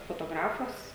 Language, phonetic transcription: Lithuanian, fotoˈgrafas

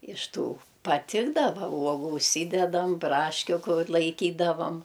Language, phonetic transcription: Lithuanian, iš ˈtų paˈtikdava ˈuogu užˈsydedam ˈbraškiu ˈkur laiˈkydavam

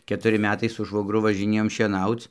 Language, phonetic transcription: Lithuanian, ketuˈri ˈmetai su švogˈru važiˈnėjom šieˈnauc

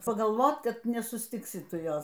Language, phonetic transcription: Lithuanian, pagalˈvot ˈkad nesusˈtiksi ˈtu ˈjos

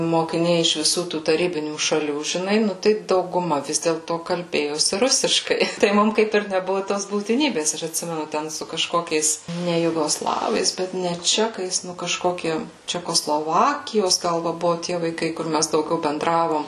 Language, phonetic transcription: Lithuanian, mokiˈniai iš viˈsų tų taˈrybinių šaˈlių žiˈnai ˈnu tai dauguˈma ˈvis dėlto kalˈbėjosi ˈrusiškai tai ˈmum ˈkaip ir neˈbuvu tos būtiˈnybės ˈaš atˈsimenu ˈten su kaˈžkokiais ˈne jugoˈslavais bet ne ˈčekais ˈnu kaˈžkoki čekoˈslovakijos ˈgal ˈva ˈbuvu tie vaiˈkai kur ˈmæs dauˈgiau benˈdravom

